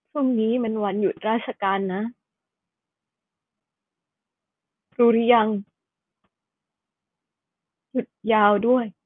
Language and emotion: Thai, sad